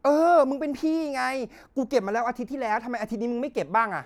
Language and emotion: Thai, angry